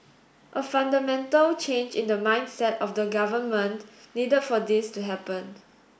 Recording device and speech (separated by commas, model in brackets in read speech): boundary microphone (BM630), read sentence